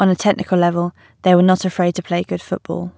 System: none